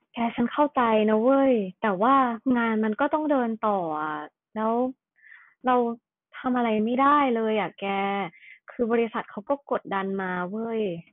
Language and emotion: Thai, frustrated